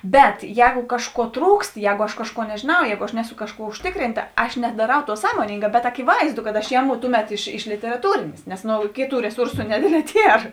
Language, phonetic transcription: Lithuanian, ˈbet ˈjēgu ˈkažˌkuo ˈtrūkst ˈjēgu aš ˈkažˌkuo nežėˈnau ˈjēgu aš ˈneˌsu ˈkažˌkuo užˈtikrinta ˈaš nedaˈrau ˈtuo ˈsąmoningā bet akiˈvaizdu kad aš ˈjeˌmu ˈtuˌmet iš iš literaˈtūrėnės nes no ˈkėˌtų reˈsursu neˈdėdˌlē ˈtier

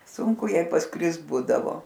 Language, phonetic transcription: Lithuanian, ˈsunku ˈjai pasˈkrist ˈbūdavo

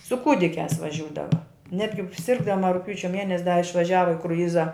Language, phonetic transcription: Lithuanian, su ˈkūdikiās vaˈžiūdava ˈnetgi ˈsirgdama rugˈpjūčia ˈmienes' da išvaˈžiava i kruˈjiza

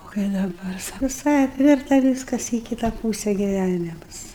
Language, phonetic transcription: Lithuanian, o kai daˈbar suviˈsai apˈvirta vyskas į ˈkyta ˈpūse giˈvænimus

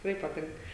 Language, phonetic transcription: Lithuanian, tikˈrai paˈtink

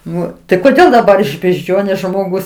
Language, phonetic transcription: Lithuanian, ˈnu tai koˈdėl daˈbar iš bežˈdžionės žmoˈgus

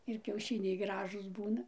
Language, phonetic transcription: Lithuanian, ir kiauˈšiniai ˈgražūs ˈbūna

